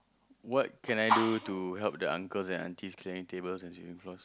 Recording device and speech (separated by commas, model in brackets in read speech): close-talking microphone, conversation in the same room